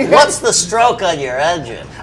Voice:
nasally voice